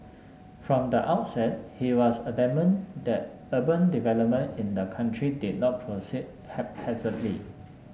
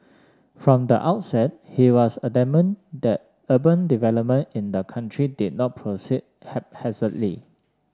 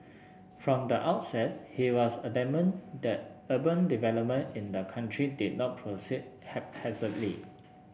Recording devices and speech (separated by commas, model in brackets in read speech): mobile phone (Samsung S8), standing microphone (AKG C214), boundary microphone (BM630), read sentence